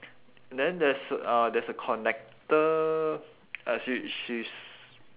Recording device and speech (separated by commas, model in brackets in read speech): telephone, conversation in separate rooms